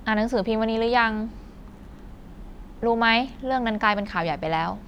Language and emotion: Thai, neutral